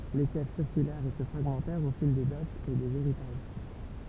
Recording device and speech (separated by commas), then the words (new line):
temple vibration pickup, read sentence
Les fiefs circulèrent et se fragmentèrent au fil des dots et des héritages.